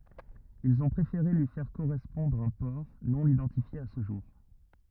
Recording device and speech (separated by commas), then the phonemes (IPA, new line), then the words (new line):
rigid in-ear microphone, read sentence
ilz ɔ̃ pʁefeʁe lyi fɛʁ koʁɛspɔ̃dʁ œ̃ pɔʁ nonidɑ̃tifje a sə ʒuʁ
Ils ont préféré lui faire correspondre un port, non-identifié à ce jour.